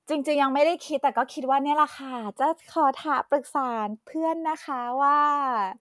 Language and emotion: Thai, happy